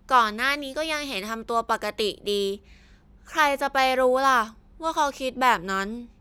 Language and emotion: Thai, frustrated